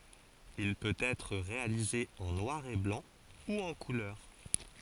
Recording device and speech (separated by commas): forehead accelerometer, read sentence